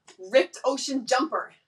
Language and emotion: English, angry